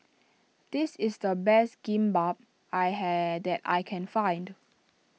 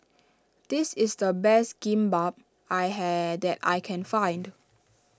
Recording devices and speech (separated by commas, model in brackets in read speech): mobile phone (iPhone 6), standing microphone (AKG C214), read sentence